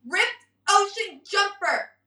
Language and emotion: English, angry